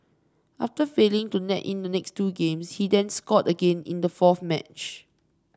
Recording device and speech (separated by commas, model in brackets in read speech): standing microphone (AKG C214), read sentence